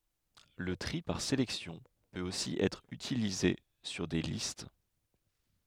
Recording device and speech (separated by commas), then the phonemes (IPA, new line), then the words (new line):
headset microphone, read sentence
lə tʁi paʁ selɛksjɔ̃ pøt osi ɛtʁ ytilize syʁ de list
Le tri par sélection peut aussi être utilisé sur des listes.